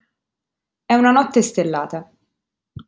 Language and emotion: Italian, neutral